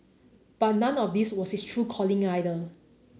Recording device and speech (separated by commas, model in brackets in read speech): mobile phone (Samsung C9), read sentence